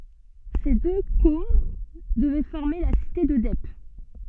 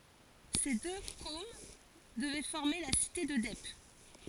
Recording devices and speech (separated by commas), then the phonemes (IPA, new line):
soft in-ear microphone, forehead accelerometer, read sentence
se dø kom dəvɛ fɔʁme la site də dɛp